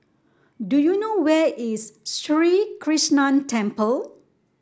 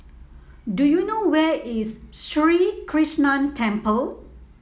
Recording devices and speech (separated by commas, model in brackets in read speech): standing microphone (AKG C214), mobile phone (iPhone 7), read sentence